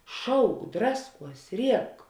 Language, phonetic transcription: Lithuanian, ˈšauk ˈdrasˌkuos ˈriek

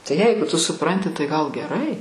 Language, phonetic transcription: Lithuanian, tai ˈjeigu tu suˈpranti tai gal geˈrai

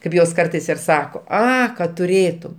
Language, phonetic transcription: Lithuanian, kaip ˈjos ˈkartais ir ˈsako ˈa kad tuˈrėtum

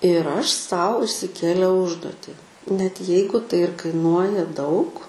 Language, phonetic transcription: Lithuanian, ir ˈaš ˈsau išsiˈkėliau ˈužduoti net ˈjeigu tai ir kaiˈnuoja daug

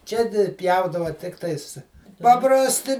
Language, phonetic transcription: Lithuanian, ˈčia di ˈpjaudava ˈtiktais paprasˈti

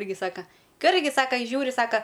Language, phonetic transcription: Lithuanian, ˈirgi ˈsaka ˈka ˈirgi ˈsaka i ˈžiūri ˈsaka

